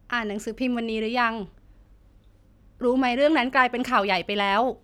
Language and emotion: Thai, neutral